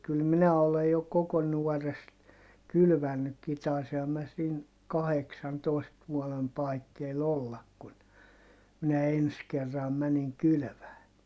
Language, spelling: Finnish, kyllä minä olen jo koko nuoresta kylvänytkin taisinhan minä siinä kahdeksantoista vuoden paikkeilla olla kun minä ensi kerran menin kylvämään
- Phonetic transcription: kyl minä olej jo koko nuɔrest , kylvännykki - tàisiham mä siin , kaheksantòist vuɔlem paikkeil ‿ollak kun , minä ens kerram mäniŋ kylʸvää .

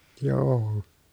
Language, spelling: Finnish, joo
- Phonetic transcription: joo₍o .

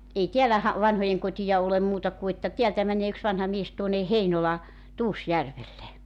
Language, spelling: Finnish, ei täällä - vanhojenkotia ole muuta kuin että täältä menee yksi vanha mies tuonne Heinolan Tuusjärvelle
- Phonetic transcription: 'ei "tiälä ha- , 'vanhojeŋkotija olem 'muuta ku että 'tiältä 'mäǹee yks vanha 'mies tuone "Heinola , "Tuusjärvelle .

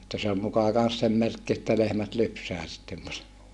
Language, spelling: Finnish, että se oli muka kanssa sen merkki että lehmät lypsää sitten paremmin
- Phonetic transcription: että se ol mukà kans sem merkki että lehmät lypsää sittem pare(mmi) .

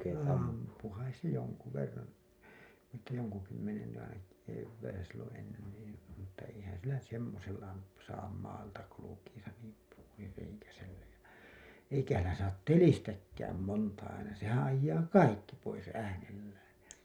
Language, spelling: Finnish, ampui kai se jonkun verran että jonkun kymmenen aina keväisin silloin ennen niin mutta eihän sillä nyt semmoisella - saa maalta kulkiessa niin - suurireikäisellä ja eikähän sillä saa telistäkään monta aina sehän ajaa kaikki pois äänellään ja
- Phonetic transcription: 'àmpu kais se joŋku verran̬ , että joŋku kym-me(nen) ai(na) , kevväisä , silloo̰ ennen nii , mutta eihän sillä nyt 'semmosella m- , saam 'maalta kulukiisa nìm p- , suurireikäsellä ja , 'eikähä ‿llä saat "telistäkkääm 'monta aina , 'sehää̰ ajjaa "kaikki pois 'äänellään̬ jä .

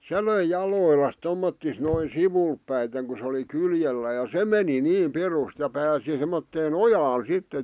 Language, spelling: Finnish, se löi jaloillaan tommottoon noin sivulle päiten kun se oli kyljellään ja se meni niin pirusti ja pääsi semmoiseen ojaan sitten
- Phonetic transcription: se löi 'jalòillas 'tommottis noi "sivulp päiteŋ ku sᵉ oli "kyljellää ja "se meni 'nii 'pirust ja 'pääsi semmottee"n ‿ojaan sitte .

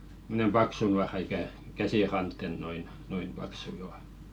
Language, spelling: Finnish, semmoinen paksu nuora ikään käsiranteen noin noin paksu jo
- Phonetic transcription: (sim)monem "paksu nuara ikä̀ , 'käsìrantten noin , 'noin̳§ paksu jo .

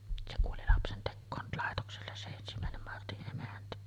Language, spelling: Finnish, se kuoli lapsentekoon laitokselle se ensimmäinen Martin emäntä
- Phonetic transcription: se kuoli 'lapsentekkoon , 'làetokselles se ensimä̀enem 'Marti’ ’emäntä .

